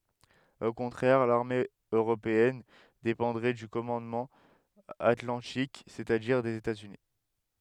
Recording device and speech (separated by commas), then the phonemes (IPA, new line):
headset microphone, read sentence
o kɔ̃tʁɛʁ laʁme øʁopeɛn depɑ̃dʁɛ dy kɔmɑ̃dmɑ̃ atlɑ̃tik sɛt a diʁ dez etaz yni